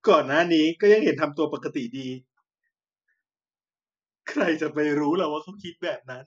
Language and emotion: Thai, sad